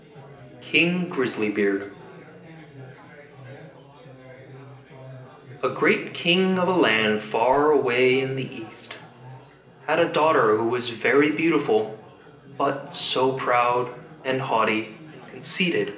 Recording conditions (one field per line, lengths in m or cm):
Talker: one person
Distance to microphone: 1.8 m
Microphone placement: close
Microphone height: 1.0 m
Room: large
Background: babble